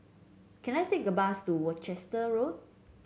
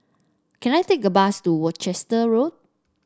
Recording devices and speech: mobile phone (Samsung C7), standing microphone (AKG C214), read sentence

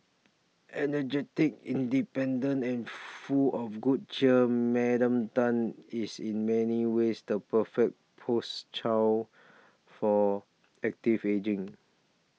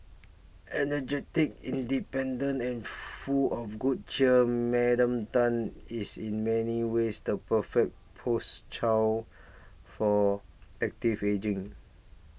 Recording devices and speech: mobile phone (iPhone 6), boundary microphone (BM630), read sentence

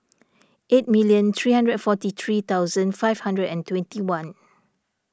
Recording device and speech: standing microphone (AKG C214), read sentence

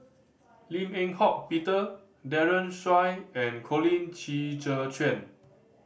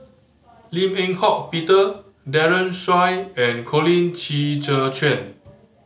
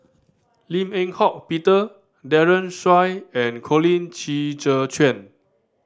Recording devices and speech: boundary microphone (BM630), mobile phone (Samsung C5010), standing microphone (AKG C214), read sentence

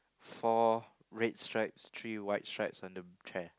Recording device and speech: close-talking microphone, conversation in the same room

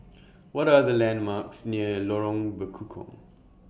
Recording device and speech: boundary microphone (BM630), read sentence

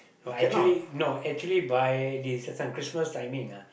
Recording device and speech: boundary microphone, conversation in the same room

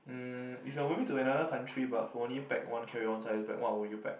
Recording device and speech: boundary microphone, conversation in the same room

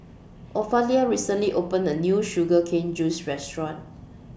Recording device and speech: boundary microphone (BM630), read sentence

